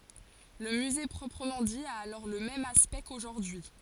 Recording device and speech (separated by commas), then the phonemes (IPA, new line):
forehead accelerometer, read sentence
lə myze pʁɔpʁəmɑ̃ di a alɔʁ lə mɛm aspɛkt koʒuʁdyi